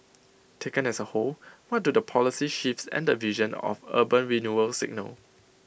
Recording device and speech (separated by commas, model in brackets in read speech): boundary microphone (BM630), read sentence